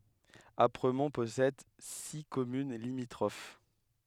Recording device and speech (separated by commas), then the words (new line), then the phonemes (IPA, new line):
headset microphone, read sentence
Apremont possède six communes limitrophes.
apʁəmɔ̃ pɔsɛd si kɔmyn limitʁof